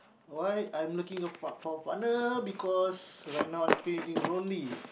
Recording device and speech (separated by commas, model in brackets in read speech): boundary microphone, conversation in the same room